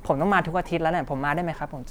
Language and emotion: Thai, neutral